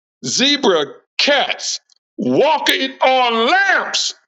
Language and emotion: English, disgusted